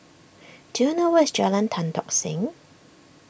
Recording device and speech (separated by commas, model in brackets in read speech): boundary microphone (BM630), read sentence